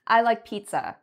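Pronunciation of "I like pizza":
'I like pizza' is said as a statement, and the voice goes down at the end: the intonation falls.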